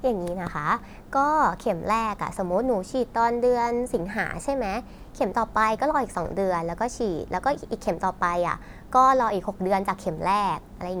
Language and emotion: Thai, neutral